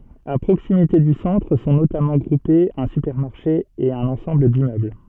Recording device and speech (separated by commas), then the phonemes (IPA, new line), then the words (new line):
soft in-ear microphone, read sentence
a pʁoksimite dy sɑ̃tʁ sɔ̃ notamɑ̃ ɡʁupez œ̃ sypɛʁmaʁʃe e œ̃n ɑ̃sɑ̃bl dimmøbl
A proximité du centre sont notamment groupés un supermarché et un ensemble d’immeubles.